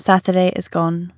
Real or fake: real